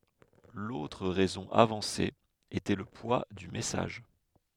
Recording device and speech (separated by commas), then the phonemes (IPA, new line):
headset microphone, read sentence
lotʁ ʁɛzɔ̃ avɑ̃se etɛ lə pwa dy mɛsaʒ